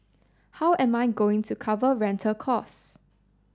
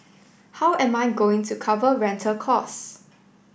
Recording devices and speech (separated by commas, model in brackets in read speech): standing microphone (AKG C214), boundary microphone (BM630), read sentence